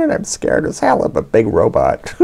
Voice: high pitch voice